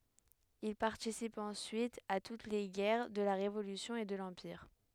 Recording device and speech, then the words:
headset microphone, read sentence
Il participe ensuite à toutes les guerres de la Révolution et de l'Empire.

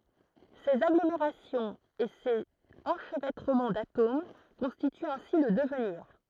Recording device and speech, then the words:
throat microphone, read sentence
Ces agglomérations et ces enchevêtrements d’atomes constituent ainsi le devenir.

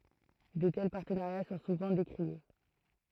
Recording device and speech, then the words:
throat microphone, read sentence
De tels partenariats sont souvent décriés.

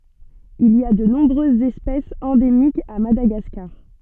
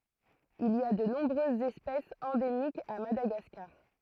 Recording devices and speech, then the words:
soft in-ear microphone, throat microphone, read sentence
Il y a de nombreuses espèces endémiques à Madagascar.

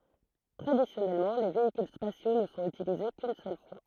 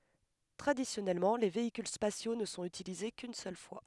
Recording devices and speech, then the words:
throat microphone, headset microphone, read sentence
Traditionnellement les véhicules spatiaux ne sont utilisés qu'une seule fois.

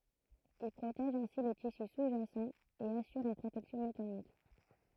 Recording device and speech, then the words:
throat microphone, read sentence
Il protège ainsi les tissus sous-jacent et assure une protection mécanique.

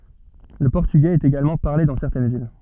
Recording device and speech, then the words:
soft in-ear microphone, read sentence
Le portugais est également parlé dans certaines villes.

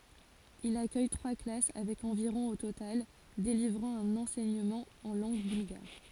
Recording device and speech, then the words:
forehead accelerometer, read sentence
Il accueille trois classes avec environ au total, délivrant un enseignement en langue bulgare.

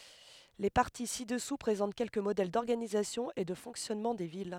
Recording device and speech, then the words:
headset microphone, read sentence
Les parties ci-dessous présentent quelques modèles d'organisation et de fonctionnement des villes.

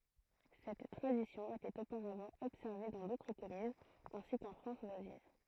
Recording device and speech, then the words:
throat microphone, read sentence
Cette tradition était auparavant observée dans d'autres communes ainsi qu'en France voisine.

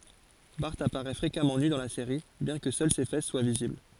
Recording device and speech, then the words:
forehead accelerometer, read sentence
Bart apparaît fréquemment nu dans la série, bien que seules ses fesses soient visibles.

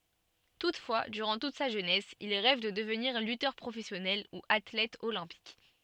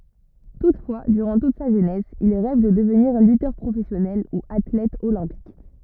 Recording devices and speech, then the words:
soft in-ear microphone, rigid in-ear microphone, read sentence
Toutefois, durant toute sa jeunesse, il rêve de devenir lutteur professionnel ou athlète olympique.

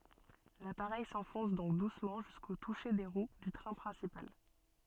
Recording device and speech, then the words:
soft in-ear microphone, read sentence
L'appareil s'enfonce donc doucement jusqu'au touché des roues du train principal.

